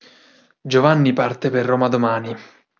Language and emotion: Italian, neutral